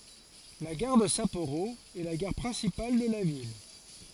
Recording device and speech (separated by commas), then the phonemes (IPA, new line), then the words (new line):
forehead accelerometer, read sentence
la ɡaʁ də sapoʁo ɛ la ɡaʁ pʁɛ̃sipal də la vil
La gare de Sapporo est la gare principale de la ville.